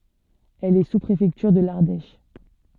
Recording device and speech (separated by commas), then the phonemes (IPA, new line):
soft in-ear microphone, read sentence
ɛl ɛ suspʁefɛktyʁ də laʁdɛʃ